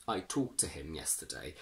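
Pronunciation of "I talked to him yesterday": In 'talked to', the t sound of the -ed ending disappears completely, so 'talked' sounds exactly the same as 'talk'.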